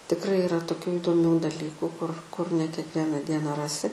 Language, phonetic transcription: Lithuanian, tikˈrai iˈra toˈkių įdoˈmių daˈlyku kur kur ne kiekˈviena ˈdiena ˈrasi

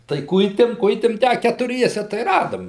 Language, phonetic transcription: Lithuanian, tai ˈkuitėm ˈkuitėm ˈtę a ketuˈriese tai ˈradom

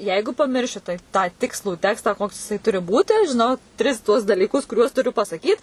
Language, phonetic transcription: Lithuanian, ˈjeigu paˈmirši tai ˈtą ˈtikslų ˈtekstą ˈkoks jiˈsai ˈturi ˈbūti žiˈnau ˈtris tuos dalyˈkus kuˈriuos tuˈriu pasaˈkyt

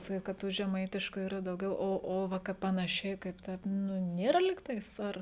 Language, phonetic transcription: Lithuanian, saˈkyt kad ˈtų žeˈmaitišku ˈyra dauˈgiau ˈo o ˈva ˈkaip panaˈšiai kaip ˈtaip ˈnu ˈnėra lig ˈtais ˈar

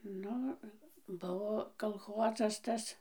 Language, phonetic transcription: Lithuanian, ˈnu ˈbuvo kalˈchozas ˈtas

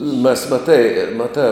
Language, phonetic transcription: Lithuanian, mes maˈtai maˈtā

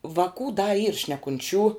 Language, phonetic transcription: Lithuanian, vaˈkų da yr šnekunˈčių

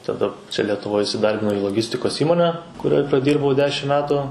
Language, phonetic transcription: Lithuanian, taˈda ˈčia letuˈvoj isiˈdarbinau į loˈgistikos ˈįmone kuˈrioj praˈdyrbau ˈdešim ˈmetu

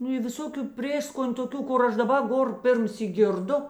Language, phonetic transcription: Lithuanian, ˈnu i viˈsokiu ˈprėskon' toˈkių ˈkur ˈaš daˈba ˈgor ˈpirmˌsyk ˈgirˌdu

